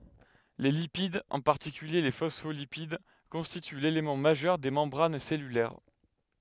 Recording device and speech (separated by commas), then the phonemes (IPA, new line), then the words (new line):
headset microphone, read sentence
le lipid ɑ̃ paʁtikylje le fɔsfolipid kɔ̃stity lelemɑ̃ maʒœʁ de mɑ̃bʁan sɛlylɛʁ
Les lipides, en particulier les phospholipides, constituent l'élément majeur des membranes cellulaires.